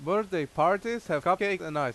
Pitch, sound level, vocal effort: 180 Hz, 93 dB SPL, very loud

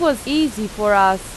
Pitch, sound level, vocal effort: 210 Hz, 88 dB SPL, very loud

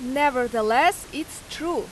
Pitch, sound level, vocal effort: 295 Hz, 91 dB SPL, very loud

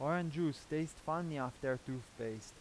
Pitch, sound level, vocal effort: 145 Hz, 87 dB SPL, normal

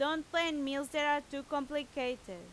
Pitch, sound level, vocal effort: 290 Hz, 93 dB SPL, very loud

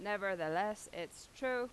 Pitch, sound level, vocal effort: 210 Hz, 91 dB SPL, loud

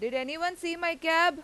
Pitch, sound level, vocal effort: 335 Hz, 97 dB SPL, very loud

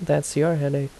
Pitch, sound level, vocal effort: 145 Hz, 77 dB SPL, soft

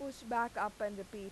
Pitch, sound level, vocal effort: 210 Hz, 90 dB SPL, loud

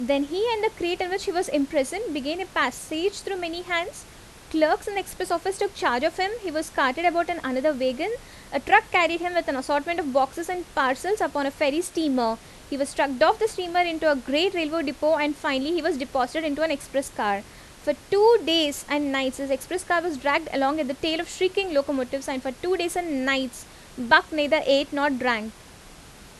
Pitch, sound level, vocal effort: 315 Hz, 85 dB SPL, loud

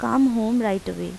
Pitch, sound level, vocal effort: 220 Hz, 85 dB SPL, normal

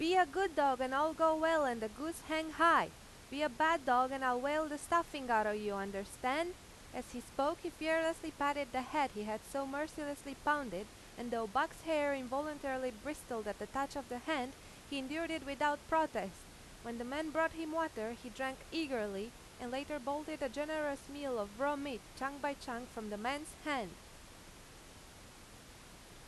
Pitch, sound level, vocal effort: 280 Hz, 92 dB SPL, very loud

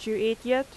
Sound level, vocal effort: 86 dB SPL, loud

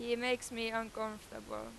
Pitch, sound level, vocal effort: 225 Hz, 92 dB SPL, very loud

